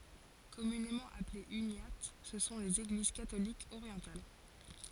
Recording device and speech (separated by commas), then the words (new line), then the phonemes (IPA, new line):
forehead accelerometer, read sentence
Communément appelées uniates, ce sont les Églises catholiques orientales.
kɔmynemɑ̃ aplez ynjat sə sɔ̃ lez eɡliz katolikz oʁjɑ̃tal